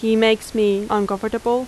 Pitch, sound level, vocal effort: 220 Hz, 87 dB SPL, loud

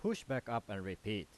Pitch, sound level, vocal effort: 105 Hz, 89 dB SPL, loud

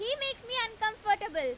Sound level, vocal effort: 99 dB SPL, very loud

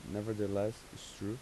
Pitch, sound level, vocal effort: 105 Hz, 84 dB SPL, soft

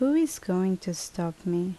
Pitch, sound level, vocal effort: 185 Hz, 76 dB SPL, soft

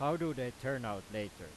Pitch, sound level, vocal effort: 125 Hz, 93 dB SPL, very loud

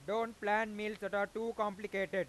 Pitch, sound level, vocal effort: 210 Hz, 101 dB SPL, very loud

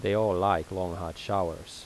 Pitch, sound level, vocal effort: 90 Hz, 83 dB SPL, normal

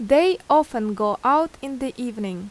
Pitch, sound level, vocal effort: 265 Hz, 86 dB SPL, loud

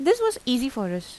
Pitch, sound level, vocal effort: 250 Hz, 87 dB SPL, normal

